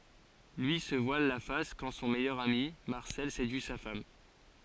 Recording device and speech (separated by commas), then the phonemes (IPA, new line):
forehead accelerometer, read sentence
lyi sə vwal la fas kɑ̃ sɔ̃ mɛjœʁ ami maʁsɛl sedyi sa fam